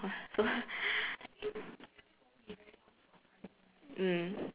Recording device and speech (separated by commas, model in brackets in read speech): telephone, conversation in separate rooms